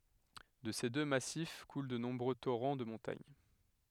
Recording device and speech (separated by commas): headset microphone, read sentence